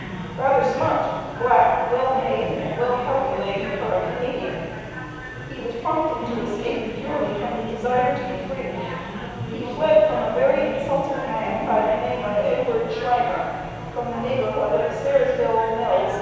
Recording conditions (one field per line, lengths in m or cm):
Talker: one person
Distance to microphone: 7.1 m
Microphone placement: far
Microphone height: 1.7 m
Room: very reverberant, large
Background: babble